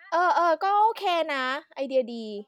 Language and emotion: Thai, neutral